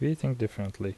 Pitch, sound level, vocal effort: 110 Hz, 75 dB SPL, soft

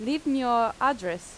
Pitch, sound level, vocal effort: 245 Hz, 90 dB SPL, loud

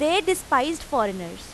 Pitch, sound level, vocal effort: 315 Hz, 92 dB SPL, very loud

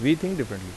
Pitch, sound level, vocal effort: 140 Hz, 84 dB SPL, normal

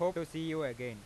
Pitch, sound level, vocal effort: 160 Hz, 96 dB SPL, loud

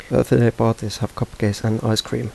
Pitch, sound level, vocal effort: 110 Hz, 79 dB SPL, soft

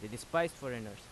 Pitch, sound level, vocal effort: 120 Hz, 88 dB SPL, loud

